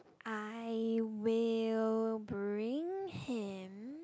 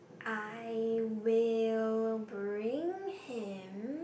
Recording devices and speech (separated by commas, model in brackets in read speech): close-talking microphone, boundary microphone, conversation in the same room